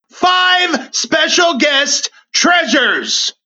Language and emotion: English, happy